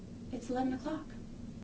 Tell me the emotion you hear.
neutral